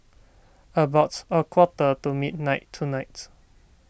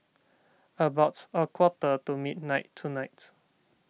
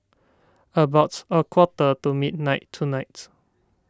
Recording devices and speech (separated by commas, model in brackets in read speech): boundary microphone (BM630), mobile phone (iPhone 6), standing microphone (AKG C214), read sentence